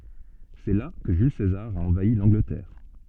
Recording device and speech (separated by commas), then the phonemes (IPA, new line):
soft in-ear microphone, read sentence
sɛ la kə ʒyl sezaʁ a ɑ̃vai lɑ̃ɡlətɛʁ